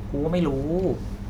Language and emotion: Thai, neutral